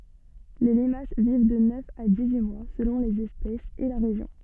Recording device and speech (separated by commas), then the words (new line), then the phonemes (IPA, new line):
soft in-ear microphone, read sentence
Les limaces vivent de neuf à dix-huit mois selon les espèces et la région.
le limas viv də nœf a dis yi mwa səlɔ̃ lez ɛspɛsz e la ʁeʒjɔ̃